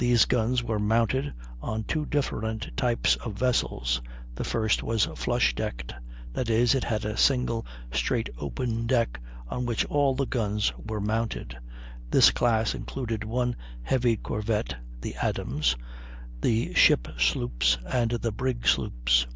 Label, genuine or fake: genuine